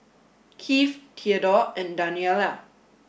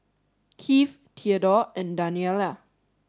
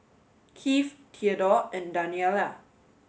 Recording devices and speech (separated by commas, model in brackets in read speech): boundary microphone (BM630), standing microphone (AKG C214), mobile phone (Samsung S8), read sentence